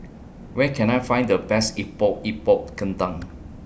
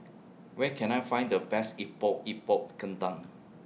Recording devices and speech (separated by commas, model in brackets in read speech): boundary microphone (BM630), mobile phone (iPhone 6), read sentence